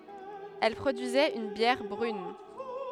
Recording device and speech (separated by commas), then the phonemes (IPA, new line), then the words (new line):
headset microphone, read sentence
ɛl pʁodyizɛt yn bjɛʁ bʁyn
Elle produisait une bière brune.